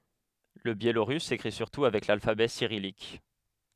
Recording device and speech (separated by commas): headset microphone, read sentence